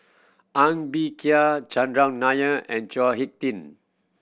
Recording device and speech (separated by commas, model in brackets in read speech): boundary microphone (BM630), read sentence